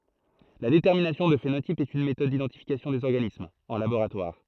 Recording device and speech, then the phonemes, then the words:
throat microphone, read sentence
la detɛʁminasjɔ̃ dy fenotip ɛt yn metɔd didɑ̃tifikasjɔ̃ dez ɔʁɡanismz ɑ̃ laboʁatwaʁ
La détermination du phénotype est une méthode d'identification des organismes, en laboratoire.

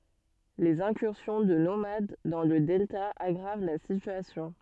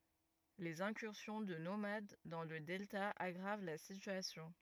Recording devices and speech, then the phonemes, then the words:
soft in-ear microphone, rigid in-ear microphone, read sentence
lez ɛ̃kyʁsjɔ̃ də nomad dɑ̃ lə dɛlta aɡʁav la sityasjɔ̃
Les incursions de nomades dans le delta aggravent la situation.

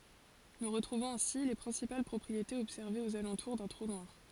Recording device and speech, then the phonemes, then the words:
forehead accelerometer, read sentence
nu ʁətʁuvɔ̃z ɛ̃si le pʁɛ̃sipal pʁɔpʁietez ɔbsɛʁvez oz alɑ̃tuʁ dœ̃ tʁu nwaʁ
Nous retrouvons ainsi les principales propriétés observées aux alentours d'un trou noir.

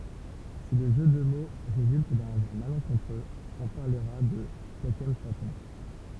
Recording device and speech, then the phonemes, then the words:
temple vibration pickup, read sentence
si lə ʒø də mo ʁezylt dœ̃ azaʁ malɑ̃kɔ̃tʁøz ɔ̃ paʁləʁa də kakɑ̃fatɔ̃
Si le jeu de mots résulte d’un hasard malencontreux, on parlera de kakemphaton.

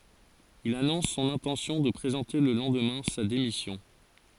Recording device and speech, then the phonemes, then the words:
forehead accelerometer, read sentence
il anɔ̃s sɔ̃n ɛ̃tɑ̃sjɔ̃ də pʁezɑ̃te lə lɑ̃dmɛ̃ sa demisjɔ̃
Il annonce son intention de présenter le lendemain sa démission.

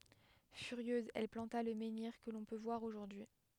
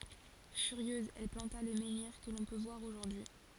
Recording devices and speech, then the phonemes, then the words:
headset microphone, forehead accelerometer, read sentence
fyʁjøz ɛl plɑ̃ta lə mɑ̃niʁ kə lɔ̃ pø vwaʁ oʒuʁdyi
Furieuse, elle planta le menhir que l’on peut voir aujourd’hui.

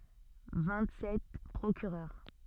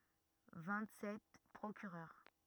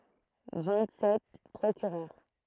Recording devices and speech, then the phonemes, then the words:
soft in-ear microphone, rigid in-ear microphone, throat microphone, read sentence
vɛ̃t sɛt pʁokyʁœʁ
Vingt-sept procureurs.

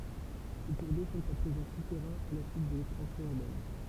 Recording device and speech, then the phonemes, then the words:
temple vibration pickup, read sentence
se kuʁ do sɔ̃t a pʁezɑ̃ sutɛʁɛ̃z a la syit də lɛkspɑ̃sjɔ̃ yʁbɛn
Ces cours d'eau sont à présent souterrains à la suite de l'expansion urbaine.

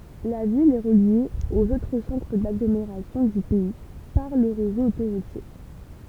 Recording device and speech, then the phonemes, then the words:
temple vibration pickup, read sentence
la vil ɛ ʁəlje oz otʁ sɑ̃tʁ daɡlomeʁasjɔ̃ dy pɛi paʁ lə ʁezo otoʁutje
La ville est reliée aux autres centres d'agglomération du pays par le réseau autoroutier.

